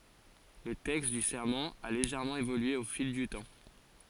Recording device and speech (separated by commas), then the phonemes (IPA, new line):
forehead accelerometer, read sentence
lə tɛkst dy sɛʁmɑ̃ a leʒɛʁmɑ̃ evolye o fil dy tɑ̃